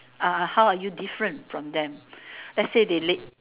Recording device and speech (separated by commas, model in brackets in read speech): telephone, conversation in separate rooms